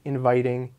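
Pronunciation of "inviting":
In 'inviting', the t turns into a d sound.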